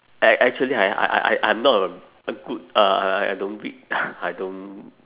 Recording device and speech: telephone, conversation in separate rooms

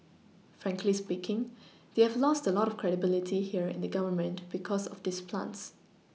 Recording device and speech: mobile phone (iPhone 6), read sentence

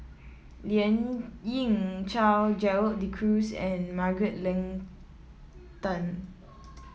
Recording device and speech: mobile phone (iPhone 7), read sentence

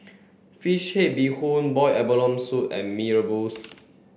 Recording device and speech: boundary microphone (BM630), read sentence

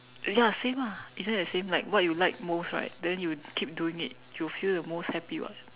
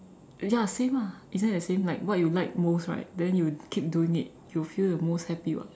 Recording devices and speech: telephone, standing microphone, conversation in separate rooms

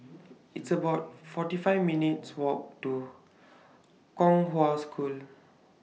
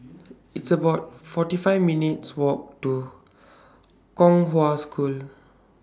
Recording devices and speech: mobile phone (iPhone 6), standing microphone (AKG C214), read sentence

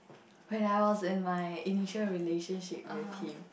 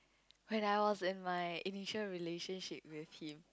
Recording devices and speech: boundary microphone, close-talking microphone, conversation in the same room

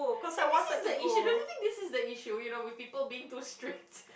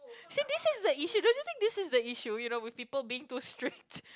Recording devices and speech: boundary microphone, close-talking microphone, conversation in the same room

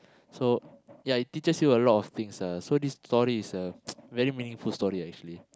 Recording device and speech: close-talking microphone, conversation in the same room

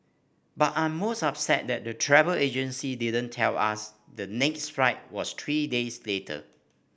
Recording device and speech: boundary microphone (BM630), read sentence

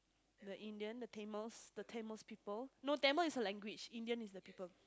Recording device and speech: close-talking microphone, conversation in the same room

